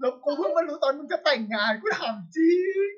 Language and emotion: Thai, happy